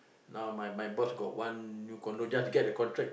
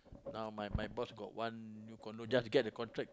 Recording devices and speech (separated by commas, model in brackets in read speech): boundary microphone, close-talking microphone, conversation in the same room